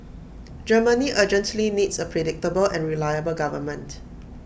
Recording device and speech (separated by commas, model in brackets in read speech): boundary microphone (BM630), read sentence